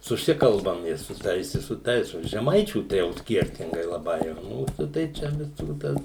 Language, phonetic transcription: Lithuanian, suˈsikalbam i su ˈtais i su ˈtais o žeˈmaičių tai ˈjau ˈskiertingai laˈbai ˈmūsu tai ˈčia viˈsų ˈtas

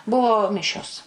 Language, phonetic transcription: Lithuanian, ˈbuvo ˈmišios

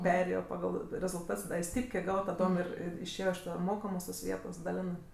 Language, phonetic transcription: Lithuanian, ˈperėjo paˈgal rezulˈtats ˈda i ˈstypkė ˈgavo taˈdom ˈir ir išˈėjo iš ˈta ˈmokamos tos ˈvietos daˈlenɜ

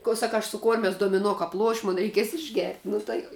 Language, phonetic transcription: Lithuanian, ko ˈsaka aš su ˈkormias domiˈno ˈkap ˈluoš' ˈmun reiˈkies išˈgert' ˈnu tai

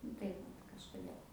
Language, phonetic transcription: Lithuanian, ˈnu tai vat kažkuˈdėl

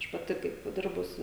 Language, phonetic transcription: Lithuanian, ˈaš paˈti kaip ˈdirbus

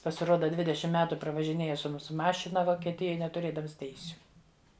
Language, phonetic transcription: Lithuanian, pasiˈroda ˈdvidešim ˈmetu pravažiˈnėja su ˈmūsu ˈmašina vokieˈtijoj netuˈrėdams ˈteisiu

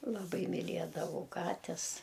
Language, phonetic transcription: Lithuanian, laˈbai miˈliedavau ˈkates

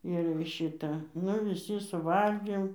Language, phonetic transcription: Lithuanian, ir ˈšita ˈnu viˈsi suˈvalgėm

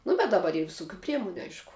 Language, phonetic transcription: Lithuanian, ˈnu bet daˈbar ir viˈsukiu ˈpriemuniu ˈaišku

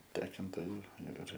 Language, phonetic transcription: Lithuanian, ˈtekontoju ir ir

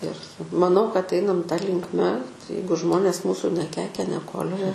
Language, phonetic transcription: Lithuanian, ir maˈnau kad ˈeinam ta linkˈme ˈjeigu ˈžmonės ˈmūsu neˈkeikia neˈkolioja

